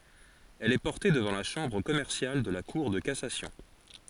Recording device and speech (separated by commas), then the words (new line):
forehead accelerometer, read sentence
Elle est portée devant la chambre commerciale de la cour de cassation.